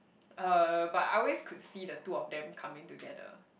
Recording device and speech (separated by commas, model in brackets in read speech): boundary microphone, conversation in the same room